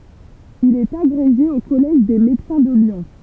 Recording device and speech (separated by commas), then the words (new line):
temple vibration pickup, read sentence
Il est agrégé au Collège des Médecins de Lyon.